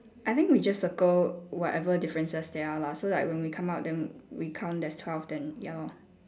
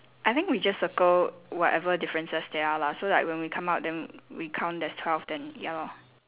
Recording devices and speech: standing microphone, telephone, conversation in separate rooms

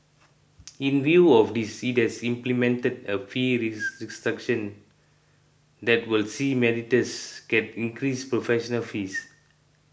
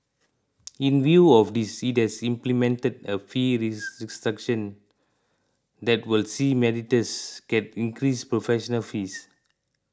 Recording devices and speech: boundary microphone (BM630), close-talking microphone (WH20), read sentence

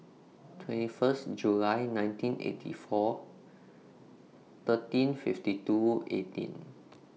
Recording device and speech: mobile phone (iPhone 6), read sentence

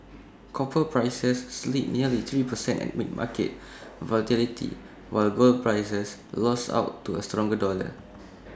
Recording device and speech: standing microphone (AKG C214), read sentence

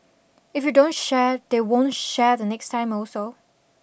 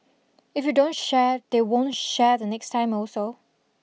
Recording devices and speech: boundary microphone (BM630), mobile phone (iPhone 6), read sentence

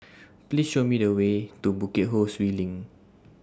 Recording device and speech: standing microphone (AKG C214), read sentence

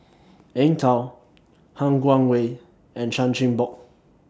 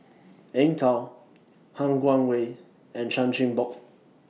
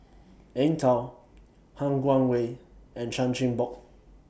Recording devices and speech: standing microphone (AKG C214), mobile phone (iPhone 6), boundary microphone (BM630), read sentence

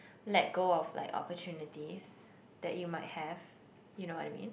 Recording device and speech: boundary microphone, conversation in the same room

